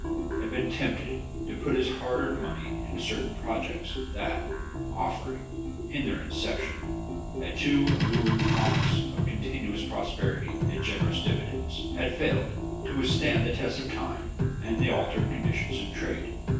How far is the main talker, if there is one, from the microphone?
9.8 m.